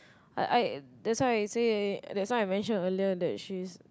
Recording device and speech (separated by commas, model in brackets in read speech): close-talking microphone, conversation in the same room